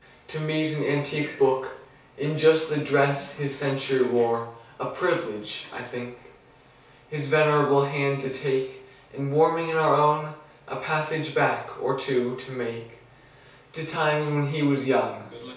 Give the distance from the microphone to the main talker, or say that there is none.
3.0 m.